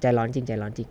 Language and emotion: Thai, neutral